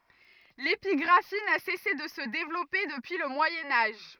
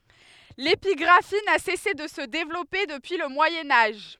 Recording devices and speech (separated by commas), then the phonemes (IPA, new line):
rigid in-ear microphone, headset microphone, read sentence
lepiɡʁafi na sɛse də sə devlɔpe dəpyi lə mwajɛ̃ aʒ